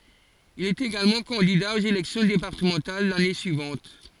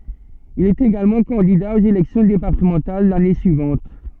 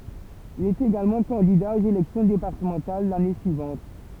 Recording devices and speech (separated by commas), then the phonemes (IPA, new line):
forehead accelerometer, soft in-ear microphone, temple vibration pickup, read sentence
il ɛt eɡalmɑ̃ kɑ̃dida oz elɛksjɔ̃ depaʁtəmɑ̃tal lane syivɑ̃t